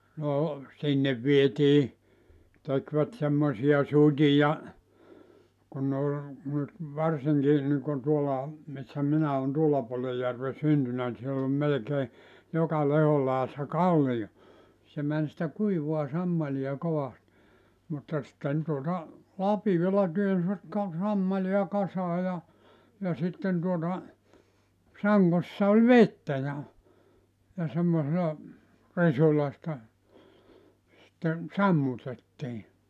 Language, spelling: Finnish, no sinne vietiin tekivät semmoisia suteja kun ne oli nyt varsinkin niin kuin tuolla missä minä olen tuolla puolen järven syntynyt niin siellä on melkein joka lehdon laidassa kallio se meni sitä kuivaa sammalia kovasti mutta sitten tuota lapiolla työnsivät - sammalia kasaan ja ja sitten tuota sangossa oli vettä ja ja semmoisella risulla sitä sitten sammutettiin
- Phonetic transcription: 'no , 'sinnev vietii , tekvät semmosi₍a 'sut́ija , kun nᵉ ‿ol , nyt , 'varsiŋki niŋkon 'tuola , missä 'minä on 'tuolla puolej järve 'syntynä ni siell ‿om 'melᵉkee , 'joka 'lehol làe₍assa "kallijo , se män sⁱtä 'kuivua 'sammaliʲa 'kovast , mutta sⁱtten tuota , 'lapi₍ola 'työnsvät ka- , 'sammali₍a 'kasaa ja , ja 'sitten tuota , 'saŋŋossa oĺ "vettä ja , ja semmosela , 'risula sⁱtä , sitten , "sammutettii .

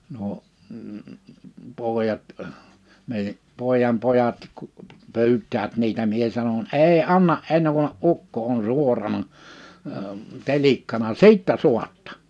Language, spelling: Finnish, nuo pojat meidän pojanpojat kun pyytävät niitä minä sanon ei anna ennen kuin ukko on suorana - telikkana sitten saatte
- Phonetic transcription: nuo , 'pòejat , mèij(ä) , 'pòejampojat kᴜ , 'py̬yt̆täät 'niitä 'mie sanon » "èi "anna’ '’enn(əŋ) kun(ne)’ "’ukko on 'suorana , ə , 'telikkana "sìttä 'suattᴀ .

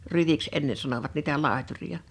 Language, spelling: Finnish, ryiksi ennen sanoivat niitä laitureita
- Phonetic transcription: 'ryviks 'enne sanovat niitä 'làeturiʲa .

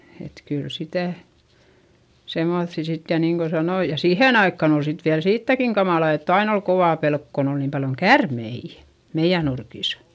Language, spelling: Finnish, että kyllä sitä semmoisia sitten ja niin kuin sanoin ja siihen aikaan oli sitten vielä siitäkin kamala että aina oli kova pelko kun oli niin paljon käärmeitä meidän nurkissa
- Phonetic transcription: et kyl sitä̀ , semoϑϑi sit ja niiŋ ko sanoi - ja siihèn ‿aikkan ‿ol sit viäl siittäkiŋ kamàla ett ‿ain ‿ol kovà pelk kon ‿ol niim paljoŋ kärmeijÄ , meiʲä nurkìs .

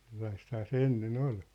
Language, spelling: Finnish, sellaistahan se ennen oli
- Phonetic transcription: sellaisthaa se 'enne'n ‿ol .

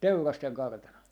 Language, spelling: Finnish, Teurasten kartano
- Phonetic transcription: "Teurasteŋ 'kartano .

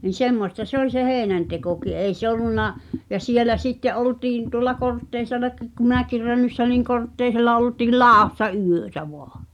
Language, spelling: Finnish, niin semmoista se oli se heinäntekokin ei se ollut ja siellä sitten oltiin tuolla Kortteisellakin kun minäkin Rönnyssä olin Kortteisella oltiin ladossa yötä vain
- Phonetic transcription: ni "semmosta se ‿oĺ se "heenäntekoki ei 'se ‿olunna , ja 'sielä "sitte’ '’oltiin tuŏlla "Kortteisellakiik ku minä̀kir 'Rönnyss̳ᵃ̈ oliŋ 'Kortteisella oltii "làossa 'yötä 'voa .

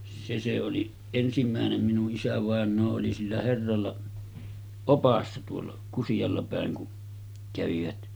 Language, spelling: Finnish, se se oli ensimmäinen minun isävainaa oli sillä herralla oppaana tuolla Kusialla päin kun kävivät
- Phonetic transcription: 'se se oli , 'ensim̳m̳§äenem minu’ ’isävàen̆noo oli sillä 'herralla , "opassa tuolla , 'Kusiʲalla pä̀eŋ kun , kävivät .

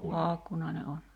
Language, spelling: Finnish, Paakkunainen on
- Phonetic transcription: 'Paakkunai̬ne on .

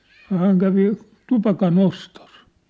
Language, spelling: Finnish, no hän kävi tupakanostossa
- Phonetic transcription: » no 'hääŋ kävi , 'tupaka'nostos . «

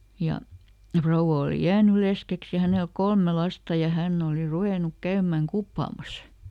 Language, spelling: Finnish, ja rouva oli jäänyt leskeksi ja hänelle kolme lasta ja hän oli ruvennut käymään kuppaamassa
- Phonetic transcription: ˈja , ˈfrouwa òli "jääny ˈleskeks ja ˈhänel "kolme ˈlasta ja ˈhänˈn ‿òli "ruvènuk ˈkäymäŋ "kuppàmas .

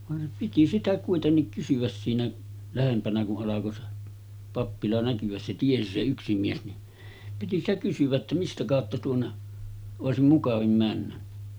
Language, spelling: Finnish, vaan piti sitä kuitenkin kysyä siinä lähempänä kun alkoi se pappila näkyä se tiesi se yksi mies niin piti sitä kysyä että mistä kautta tuonne olisi mukavin mennä
- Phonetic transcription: van , piti sitä 'kuitennik kysyväs siinä , 'lähempänä ku’ ’alako se , 'pappila näky₍äs se 'tiesi se yksi mies ni , 'piti ‿stä kysyᵛä ‿ttä » 'mistä kàotta tuonne , 'òesim 'mukavim männä « .

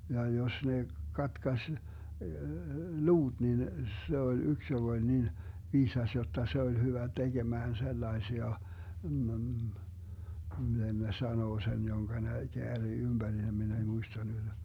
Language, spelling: Finnish, ja jos ne katkaisi luut niin se oli yksi joka oli niin viisas jotta se oli hyvä tekemään sellaisia - - miten ne sanoo sen jonka ne käärii ympärille minä ei muista nyt
- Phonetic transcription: ja 'jos ne , 'katkaś , "luuD 'nin , 'se oĺ 'yks joG ‿oĺ 'nin , 'viisas jotta 'se oĺ hyvä 'teGemään 'sellaesia , m̥m̥ m̥ , (miten) ne 'sanoo sen 'joŋGa ne 'keärii ymBärilem 'min ‿ei 'muista nyD .

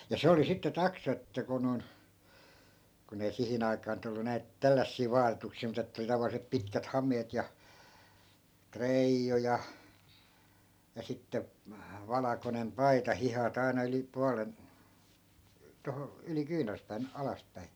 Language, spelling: Finnish, ja se oli sitten taksa että kun noin kun ei siihen aikaan nyt ollut näitä tällaisia vaatetuksia mutta että oli tavalliset pitkät hameet ja treiju ja ja sitten valkoinen paita hihat aina yli puolen tuohon yli kyynärpään alaspäin
- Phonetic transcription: ja "se oli sitte 'taksa että ku non , kun ‿ei 'sihin ‿ai̮kaa nyt ‿ollu 'näit , "tällässii 'vaatetuksii mut ‿että oli 'tavallisep 'pitkät 'ham̀eet ja , "treijju ja , ja 'sitte , 'valakonem "paita 'hihat ‿ai̮na yli 'pualen , 'toho , yli 'kyynerspään , 'alaspäi .

